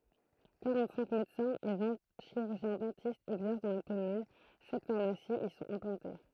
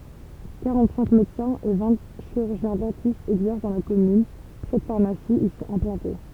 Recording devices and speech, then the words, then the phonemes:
throat microphone, temple vibration pickup, read sentence
Quarante-cinq médecins et vingt chirurgiens-dentistes exercent dans la commune, sept pharmacies y sont implantés.
kaʁɑ̃tsɛ̃k medəsɛ̃z e vɛ̃ ʃiʁyʁʒjɛ̃zdɑ̃tistz ɛɡzɛʁs dɑ̃ la kɔmyn sɛt faʁmasiz i sɔ̃t ɛ̃plɑ̃te

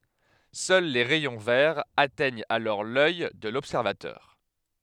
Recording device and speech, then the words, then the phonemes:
headset microphone, read sentence
Seuls les rayons verts atteignent alors l'œil de l'observateur.
sœl le ʁɛjɔ̃ vɛʁz atɛɲt alɔʁ lœj də lɔbsɛʁvatœʁ

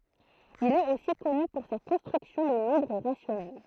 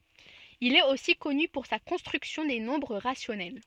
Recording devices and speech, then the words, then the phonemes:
throat microphone, soft in-ear microphone, read sentence
Il est aussi connu pour sa construction des nombres rationnels.
il ɛt osi kɔny puʁ sa kɔ̃stʁyksjɔ̃ de nɔ̃bʁ ʁasjɔnɛl

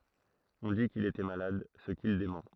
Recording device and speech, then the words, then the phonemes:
throat microphone, read sentence
On dit qu'il était malade, ce qu'il dément.
ɔ̃ di kil etɛ malad sə kil demɑ̃

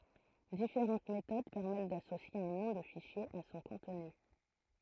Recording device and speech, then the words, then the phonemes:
throat microphone, read sentence
Différentes méthodes permettent d'associer un nom de fichier à son contenu.
difeʁɑ̃t metod pɛʁmɛt dasosje œ̃ nɔ̃ də fiʃje a sɔ̃ kɔ̃tny

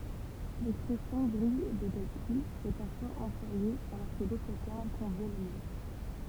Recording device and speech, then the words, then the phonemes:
temple vibration pickup, read sentence
L'expression grille de calcul est parfois employée alors que d'autres termes conviennent mieux.
lɛkspʁɛsjɔ̃ ɡʁij də kalkyl ɛ paʁfwaz ɑ̃plwaje alɔʁ kə dotʁ tɛʁm kɔ̃vjɛn mjø

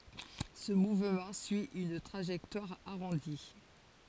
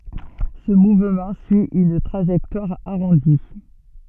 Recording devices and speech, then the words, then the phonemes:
forehead accelerometer, soft in-ear microphone, read sentence
Ce mouvement suit une trajectoire arrondie.
sə muvmɑ̃ syi yn tʁaʒɛktwaʁ aʁɔ̃di

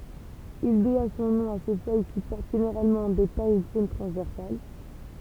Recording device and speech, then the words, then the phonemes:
temple vibration pickup, read sentence
Il doit son nom à ses feuilles qui portent généralement des taches brunes transversales.
il dwa sɔ̃ nɔ̃ a se fœj ki pɔʁt ʒeneʁalmɑ̃ de taʃ bʁyn tʁɑ̃zvɛʁsal

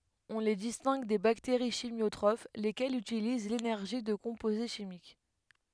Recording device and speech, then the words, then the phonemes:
headset microphone, read sentence
On les distingue des bactéries chimiotrophes, lesquelles utilisent l'énergie de composés chimiques.
ɔ̃ le distɛ̃ɡ de bakteʁi ʃimjotʁof lekɛlz ytiliz lenɛʁʒi də kɔ̃poze ʃimik

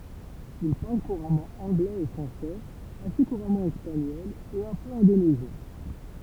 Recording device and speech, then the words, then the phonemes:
temple vibration pickup, read sentence
Il parle couramment anglais et français, assez couramment espagnol et un peu indonésien.
il paʁl kuʁamɑ̃ ɑ̃ɡlɛz e fʁɑ̃sɛz ase kuʁamɑ̃ ɛspaɲɔl e œ̃ pø ɛ̃donezjɛ̃

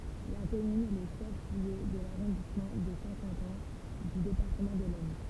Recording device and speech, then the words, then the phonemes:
temple vibration pickup, read sentence
La commune est le chef-lieu de l'arrondissement de Saint-Quentin du département de l'Aisne.
la kɔmyn ɛ lə ʃɛf ljø də laʁɔ̃dismɑ̃ də sɛ̃ kɑ̃tɛ̃ dy depaʁtəmɑ̃ də lɛsn

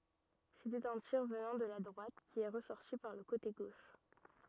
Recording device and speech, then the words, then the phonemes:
rigid in-ear microphone, read sentence
C'était un tir venant de la droite qui est ressorti par le côté gauche.
setɛt œ̃ tiʁ vənɑ̃ də la dʁwat ki ɛ ʁəsɔʁti paʁ lə kote ɡoʃ

